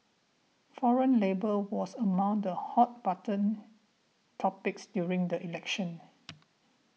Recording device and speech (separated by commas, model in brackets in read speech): mobile phone (iPhone 6), read sentence